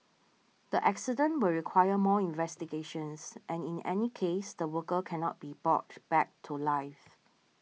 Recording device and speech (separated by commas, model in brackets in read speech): mobile phone (iPhone 6), read sentence